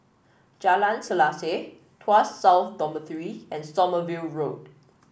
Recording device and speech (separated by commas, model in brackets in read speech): boundary microphone (BM630), read sentence